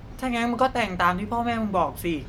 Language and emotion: Thai, neutral